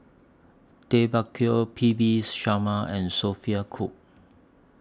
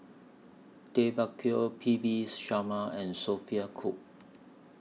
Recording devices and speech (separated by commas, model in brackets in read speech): standing microphone (AKG C214), mobile phone (iPhone 6), read sentence